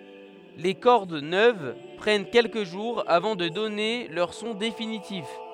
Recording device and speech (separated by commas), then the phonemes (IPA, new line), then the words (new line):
headset microphone, read sentence
le kɔʁd nøv pʁɛn kɛlkə ʒuʁz avɑ̃ də dɔne lœʁ sɔ̃ definitif
Les cordes neuves prennent quelques jours avant de donner leur son définitif.